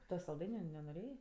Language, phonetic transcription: Lithuanian, ˈto salˈdainiu nenoˈrėjė

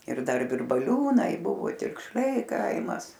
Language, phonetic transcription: Lithuanian, ir ˈdar virbaˈliūnai ˈbuvo tikšˈliai ˈkaimas

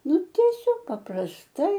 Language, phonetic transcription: Lithuanian, ˈnu tieˈsiog paprasˈtai

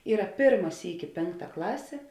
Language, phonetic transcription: Lithuanian, ˈyra ˈpėrma ˈsyki ˈpėnkˌta ˈklasė

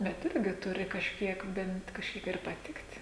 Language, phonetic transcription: Lithuanian, bet ˈirgi ˈturi kažˈkiek bent kažˈkiek ir paˈtikt'

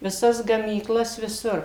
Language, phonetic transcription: Lithuanian, viˈsas gamyˈklas viˈsur

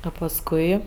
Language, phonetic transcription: Lithuanian, a pasˈkui

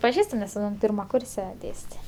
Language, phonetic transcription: Lithuanian, paˈžįstu nes ˈpyrma ˈkurse ˈdėstė

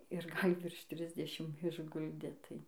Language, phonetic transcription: Lithuanian, ir ˈgal' ˈvirš ˈtrisdešim išˈguldė tai

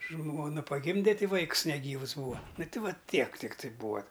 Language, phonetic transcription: Lithuanian, ˈžmona paˈgimde ˈti ˈvaikus neˈgyvus ˈbūva nu ˈti ˈva ˈtiek tikˈtai ˈbūa

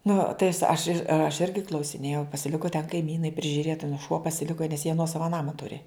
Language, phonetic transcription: Lithuanian, nu tai as aš ir aš ˈirgi klausiˈnėjau pasiˈliku ten kaiˈmynai prižiuˈrėt aˈnų šuo pasiˈliko nes jie ˈnuosava ˈnama ˈturi

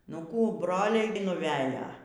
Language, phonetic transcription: Lithuanian, ˈnu ˈkų ˈbroliai nuˈvejo

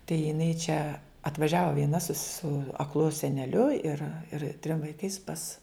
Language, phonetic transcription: Lithuanian, tai jiˈnai čia atvaˈžiava vieˈna su su akˈlu seneˈliu ir ir trim vaiˈkais pas

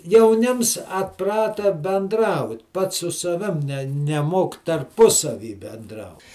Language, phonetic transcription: Lithuanian, jauˈnims atˈprata benˈdraut ˈpats su saˈvim ne neˈmok tarˈpusavy benˈdrau

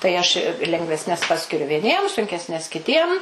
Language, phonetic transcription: Lithuanian, tai ˈaš i lengvesˈnes ˈpaskiriu vieˈniem sunkesˈnes kiˈtiem

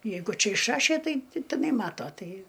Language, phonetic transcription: Lithuanian, ˈjeigu ˈčia išˈrašė ˈtai ti tiˈnai ˈmato ˈtai

